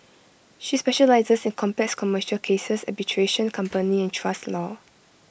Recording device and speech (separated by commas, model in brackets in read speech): boundary microphone (BM630), read sentence